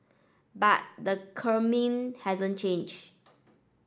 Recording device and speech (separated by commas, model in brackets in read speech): standing microphone (AKG C214), read sentence